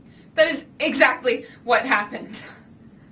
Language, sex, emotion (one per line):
English
female
fearful